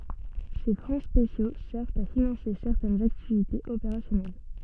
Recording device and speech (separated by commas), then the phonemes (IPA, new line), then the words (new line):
soft in-ear microphone, read sentence
se fɔ̃ spesjo sɛʁvt a finɑ̃se sɛʁtɛnz aktivitez opeʁasjɔnɛl
Ces fonds spéciaux servent à financer certaines activités opérationnelles.